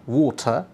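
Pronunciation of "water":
In 'water', the t is said with an explosive sound, in the British pattern.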